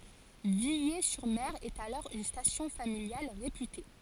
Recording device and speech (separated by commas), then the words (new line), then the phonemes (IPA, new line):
forehead accelerometer, read sentence
Villers-sur-Mer est alors une station familiale réputée.
vile syʁ mɛʁ ɛt alɔʁ yn stasjɔ̃ familjal ʁepyte